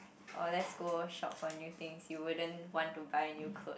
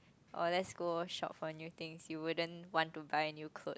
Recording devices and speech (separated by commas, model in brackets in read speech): boundary microphone, close-talking microphone, conversation in the same room